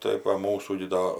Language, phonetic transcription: Lithuanian, tai va ˈmūsų gi ˈdo

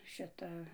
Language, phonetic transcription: Lithuanian, ˈšita

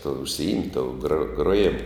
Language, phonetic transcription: Lithuanian, tuo užsiˈimt' tou gro groˈjimu

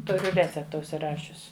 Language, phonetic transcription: Lithuanian, ˈturiu ˈrecepta užsiˈrašius

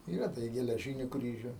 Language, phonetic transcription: Lithuanian, ˈyra ˈda i geleˈžyniu ˈkryžiu

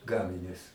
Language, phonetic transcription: Lithuanian, ˈgaminius

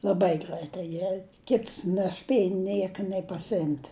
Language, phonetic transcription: Lithuanian, laˈbai ˈgraitai ˈjie ˈkits neˈspieja ˈnieka nė pasiˈimt'

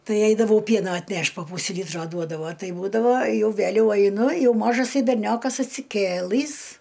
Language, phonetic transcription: Lithuanian, ˈtai ˈeidavau ˈpieno atˈneš't' po ˈpūsi ˈlytro ˈduodavo ˈtai ˈbūdavo ˈjau ˈvæliau aiˈnu ˈjau ˈmožasai berˈniokas atsiˈkėlɨs

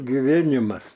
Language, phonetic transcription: Lithuanian, giˈvėnimas

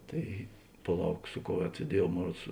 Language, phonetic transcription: Lithuanian, ˈtai paˈlauk ˈsu ˌkou ˈved sieˈdiejuov ˈmon ˈruods

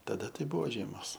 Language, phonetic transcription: Lithuanian, taˈda ˈtai ˈbuvo ˈžiemos

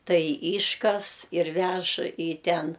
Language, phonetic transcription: Lithuanian, ˈtai ˈyškas ir ˈvež į ˈten

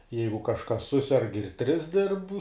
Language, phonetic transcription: Lithuanian, ˈjeigu kažˈkas ˈsuserg ir tris dirb

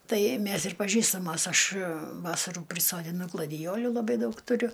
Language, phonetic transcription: Lithuanian, ˈtai ˈmæs ir paˈžįstamos ˈaš ˈvasarų prisodiˈnu gladiˈjolių laˈbai ˈdaug tuˈriu

